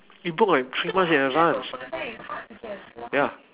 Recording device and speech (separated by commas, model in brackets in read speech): telephone, conversation in separate rooms